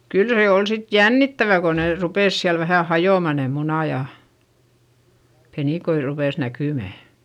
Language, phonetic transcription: Finnish, kyl se ol sit jännittävä ko nè rupès siäl vähä̀ hajòma ne munà ja , penìkoi rupès näkỳmä .
- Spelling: kyllä se oli sitten jännittävää kun ne rupesi siellä vähän hajoamaan ne munat ja penikoita rupesi näkymään

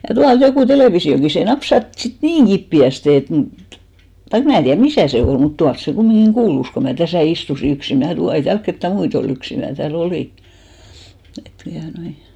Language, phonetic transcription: Finnish, ja 'tualt jokù 'telèvisi₍oki se 'napsat sit "niiŋ 'ɢippi₍äste et (mut) , taik 'mnä̀ tiär "misä̀ se 'ol , mut 'tuals se 'kummiŋɢiŋ "ɢuulus ko mä "täsä̀ 'istusi 'yksi mnä̀ , ei 'täälk kettä "muit ‿o'l ‿yksi mää tää"l ‿olì , et tuanoi .
- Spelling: ja tuolta joku televisiokin se napsahti sitten niin kipeästi että mutta taikka minä tiedä missä se oli mutta tuolla se kumminkin kuului kun minä tässä istuin yksin minä ei täällä ketään muita ollut yksin minä täällä olin että tuota noin

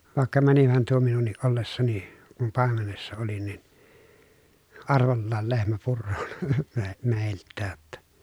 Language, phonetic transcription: Finnish, vàekka mänihän tuo minunniʼ ʼollessani , kum pàemenessa oli nin , arvollaal lehmä purrooN , me- mèilttää [j]otta .
- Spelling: vaikka menihän tuo minunkin ollessani kun paimenessa olin niin arvollaan lehmä puroon - meiltäkin jotta

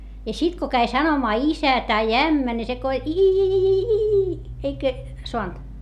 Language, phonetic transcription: Finnish, ja sit ko käi sanomaa isä tai ämmä ni se ko » i-i-i-i-iii » , eik(ä) , soant .
- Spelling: ja sitten kun kävi sanomaan isä tai ämmä niin se kun ii eikä saanut

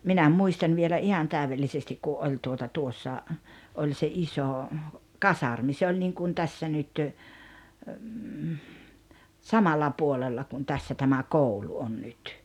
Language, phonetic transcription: Finnish, 'minä 'muistan vielä '’ihan 'tä̀yvellisestik ku '’oĺ tuota 'tuossa , 'oĺ se 'isò , "kasarmi 'se oĺ niŋkum 'tässä nyt , "samalla 'puolella kun 'tässä tämä "koulu on 'nyt .
- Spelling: minä muistan vielä ihan täydellisesti kun oli tuota tuossa oli se iso kasarmi se oli niin kuin tässä nyt samalla puolella kuin tässä tämä koulu on nyt

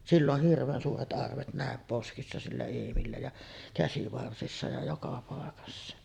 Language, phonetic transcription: Finnish, "sill ‿oh 'hirv̀een suuret '’arvet nä̀em "poskissa sillä 'Eemillä ja , 'käsivarsissa ja joka pàekassa .
- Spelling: sillä on hirveän suuret arvet näin poskissa sillä Eemillä ja käsivarsissa ja joka paikassa

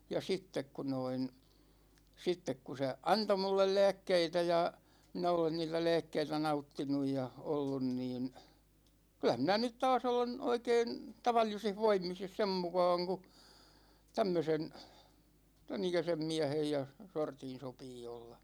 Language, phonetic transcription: Finnish, ja 'sittek ku noin , 'sittek ku se "anto mullel 'lä̭ä̭kkeitä ja , 'minä olen niitä "lä̭ä̭kkeitä 'nauttinuj ja , 'ollun niin , 'kylä minä nyt "taas 'olen , 'oikeen , 'tavallisih 'voimis ja 'sem mukaaŋ ku , 'tämmösen , 'tänikäsem "miä̭hej ja , 'sortin̬ 'sopii olla .
- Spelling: ja sitten kun noin sitten kun se antoi minulle lääkkeitä ja minä olen niitä lääkkeitä nauttinut ja ollut niin kyllä minä nyt taas olen oikein tavallisissa voimissa ja sen mukaan kun tämmöisen tämän ikäisen miehen ja sortin sopii olla

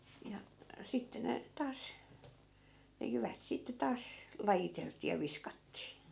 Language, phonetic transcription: Finnish, ja , 'sitte ne , 'taas , ne 'jyvät sitte 'taas , 'lajitelt̀ii ja "viskattii .
- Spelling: ja sitten ne taas ne jyvät sitten taas lajiteltiin ja viskattiin

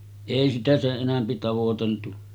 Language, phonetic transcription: Finnish, èi sitä 'seˀ 'ˀenämpi tavoteltu .
- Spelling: ei sitä sen enempi tavoiteltu

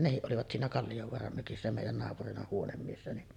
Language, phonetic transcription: Finnish, ja "nehiˀ 'ˀolivat siinä 'Kallijovoaram mökissä mèij̆jän naapurina 'huonemmiessä ni’ ,.
- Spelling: ja nekin olivat siinä Kalliovaaran mökissä meidän naapurina huonemiehenä niin

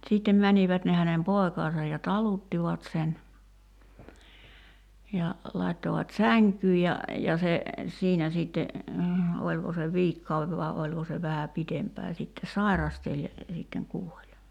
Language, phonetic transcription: Finnish, sìttem 'mänivät ne hänem 'poi̬kaasaj ja "taluttivat sen , ja , lai̬ttovat "säŋkyy ja , ja se , 'siinä siitte , 'oĺko se "viikkau₍ev vai̬ oĺko se 'vähä "pitempää sitte "sairasteĺ ja , sitteŋ 'kuoĺ .
- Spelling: sitten menivät ne hänen poikansa ja taluttivat sen ja laittoivat sänkyyn ja ja se siinä sitten oliko se viikkokauden vai oliko se vähän pidempään sitten sairasteli ja sitten kuoli

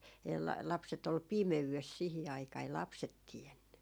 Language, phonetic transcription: Finnish, el- , 'lapset ‿ol "pimeyves sihi aikaa , ei "lapset 'tienny .
- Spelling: - lapset oli pimeydessä siihen aikaan ei lapset tiennyt

